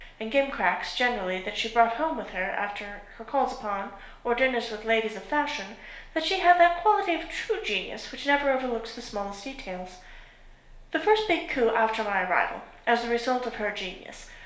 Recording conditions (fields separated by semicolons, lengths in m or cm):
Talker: one person; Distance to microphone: 1.0 m; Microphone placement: close; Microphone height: 1.1 m; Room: small (3.7 m by 2.7 m); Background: none